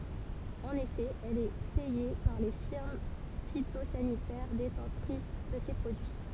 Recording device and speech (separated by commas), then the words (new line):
temple vibration pickup, read sentence
En effet, elle est payée par les firmes phytosanitaires détentrices de ces produits.